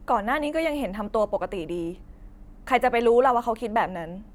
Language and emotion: Thai, frustrated